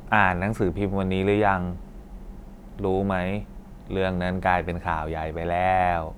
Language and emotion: Thai, neutral